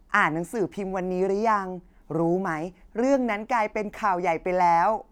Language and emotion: Thai, happy